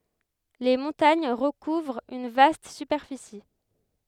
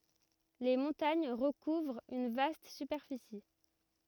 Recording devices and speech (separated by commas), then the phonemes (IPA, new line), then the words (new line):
headset microphone, rigid in-ear microphone, read sentence
le mɔ̃taɲ ʁəkuvʁt yn vast sypɛʁfisi
Les montagnes recouvrent une vaste superficie.